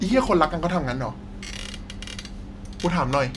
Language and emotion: Thai, frustrated